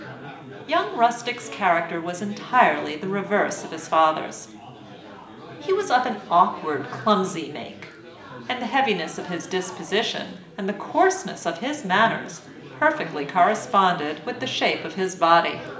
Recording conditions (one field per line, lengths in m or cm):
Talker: one person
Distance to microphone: 1.8 m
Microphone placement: close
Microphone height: 1.0 m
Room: large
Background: babble